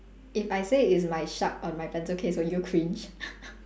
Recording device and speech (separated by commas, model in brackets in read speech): standing microphone, conversation in separate rooms